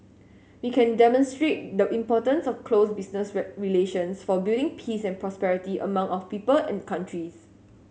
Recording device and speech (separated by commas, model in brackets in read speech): mobile phone (Samsung S8), read sentence